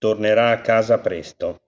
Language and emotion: Italian, neutral